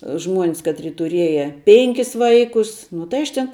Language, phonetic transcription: Lithuanian, ˈžmuon's ˈkatri tuˈrieja ˈpenkis ˈvaikus nu tai ˈaš ten

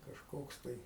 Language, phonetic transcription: Lithuanian, kažˈkoks tai

